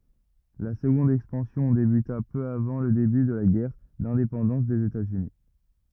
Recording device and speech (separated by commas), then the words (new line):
rigid in-ear microphone, read sentence
La seconde expansion débuta peu avant le début de la guerre d'indépendance des États-Unis.